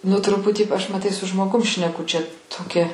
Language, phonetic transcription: Lithuanian, nu ˈtruputį aš maˈtai su žmoˈgum šneˈku čia toˈkia

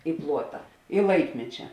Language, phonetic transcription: Lithuanian, i ˈpluota i ˈlaikmečia

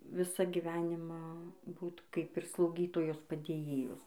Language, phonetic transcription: Lithuanian, ˈvisą giˈvenimą ˈbūt ˈkaip ir slauˈgytojos padėˈjėjos

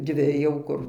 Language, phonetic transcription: Lithuanian, ˈdvi jau ˈkur

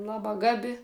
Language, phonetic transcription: Lithuanian, ˈlabā ˈgabi

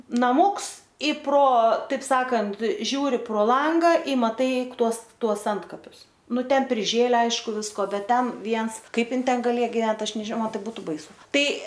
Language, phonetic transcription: Lithuanian, naˈmūks i pro ˈtaip ˈsakant ˈžiūri pro ˈlanga i maˈtai ˈtuos ˈtuos ˈantkapius ˈnu ˈten priˈžėlę ˈaišku ˈvisko ˈbet ˈten ˈviens ˈkaip ˈin ˈten gaˈlėja giˈvent ˈaš nežiˈman ˈtai ˈbūtu baiˈsu ˈtai

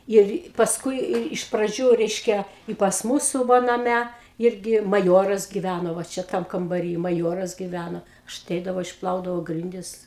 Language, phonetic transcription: Lithuanian, ˈir pasˈkui ir iš praˈdžių ˈreiškia i pas ˈmūsu ˈva naˈme ˈirgi maˈjoras giˈvæno va ˈčia ˈtam kambaˈry maˈjoras giˈvæno aš aˈteidavau išˈplaudavau ˈgrindis

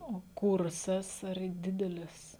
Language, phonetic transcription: Lithuanian, o ˈkursas ar ˈdidelis

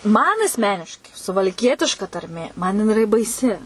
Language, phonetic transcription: Lithuanian, ˈman asˈmeniškai suvalˈkietiška tarˈmė man jiˈnai iˈra baiˈsi

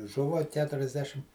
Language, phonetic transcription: Lithuanian, ˈžuva ˌketuriasˈdešim

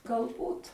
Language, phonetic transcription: Lithuanian, galˈbūt

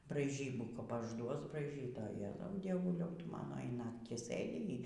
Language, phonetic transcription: Lithuanian, braiˈžybų kap ažˈduos braiˈžyt o je dieˈvuliau dieˈvuliau ˈtu ˈmano y ˈnaktį ˈsɘdi y

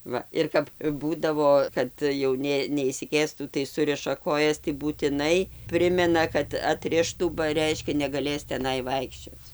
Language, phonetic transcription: Lithuanian, ˈva ir kap ˈbūdavo ˈkad jau ˈnė neišsiˈkėstų tai ˈsuriša ˈkojas tai būtiˈnai ˈprimena kad atˈrištų ba ˈreiškia negaˈlės teˈnai ˈvaikščioc

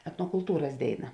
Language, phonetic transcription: Lithuanian, etnokulˈtūras ˈdėiˌna

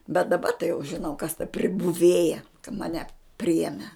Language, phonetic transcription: Lithuanian, bet daˈba tai jau žiˈnau kas ta pribuˈvėja ka maˈne ˈprijeme

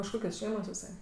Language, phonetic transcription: Lithuanian, iš ˈkokios ˈšeimos iˈsai

